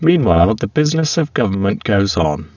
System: VC, spectral filtering